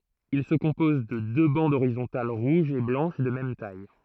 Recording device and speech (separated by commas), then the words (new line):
throat microphone, read sentence
Il se compose de deux bandes horizontales rouge et blanche de même taille.